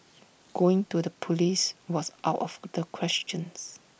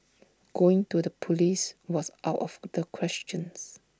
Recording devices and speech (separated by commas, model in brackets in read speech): boundary microphone (BM630), standing microphone (AKG C214), read sentence